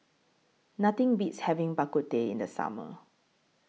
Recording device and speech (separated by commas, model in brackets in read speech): mobile phone (iPhone 6), read sentence